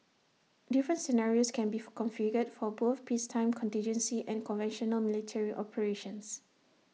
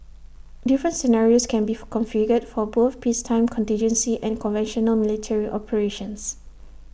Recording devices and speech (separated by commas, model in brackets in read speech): mobile phone (iPhone 6), boundary microphone (BM630), read sentence